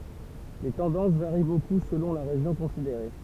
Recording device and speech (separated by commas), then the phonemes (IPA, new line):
temple vibration pickup, read sentence
le tɑ̃dɑ̃s vaʁi boku səlɔ̃ la ʁeʒjɔ̃ kɔ̃sideʁe